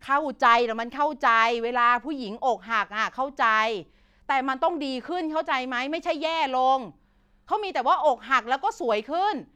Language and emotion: Thai, frustrated